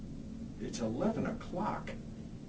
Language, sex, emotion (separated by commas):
English, male, disgusted